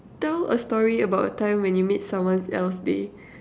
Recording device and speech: standing microphone, conversation in separate rooms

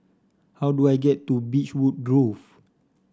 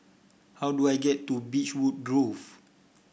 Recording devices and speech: standing microphone (AKG C214), boundary microphone (BM630), read sentence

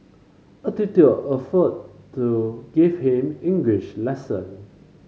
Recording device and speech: mobile phone (Samsung C5), read sentence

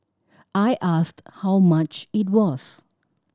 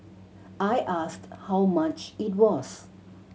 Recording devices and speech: standing microphone (AKG C214), mobile phone (Samsung C7100), read sentence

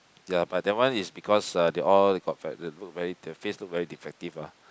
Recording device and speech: close-talking microphone, conversation in the same room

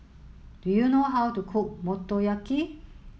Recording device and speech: mobile phone (Samsung S8), read sentence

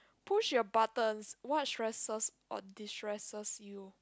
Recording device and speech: close-talking microphone, conversation in the same room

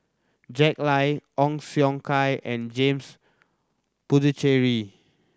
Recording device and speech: standing microphone (AKG C214), read sentence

